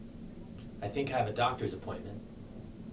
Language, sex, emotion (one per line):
English
male
neutral